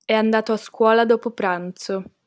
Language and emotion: Italian, neutral